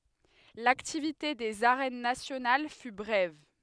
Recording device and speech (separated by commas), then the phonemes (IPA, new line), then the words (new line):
headset microphone, read sentence
laktivite dez aʁɛn nasjonal fy bʁɛv
L'activité des Arènes nationales fut brève.